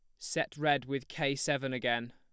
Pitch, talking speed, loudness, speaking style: 140 Hz, 190 wpm, -33 LUFS, plain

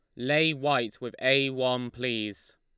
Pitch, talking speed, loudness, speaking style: 125 Hz, 150 wpm, -27 LUFS, Lombard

